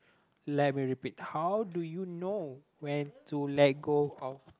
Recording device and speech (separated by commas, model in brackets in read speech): close-talking microphone, conversation in the same room